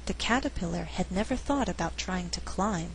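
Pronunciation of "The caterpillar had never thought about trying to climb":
In 'The caterpillar had never thought about trying to climb', the word 'climb' is emphasized.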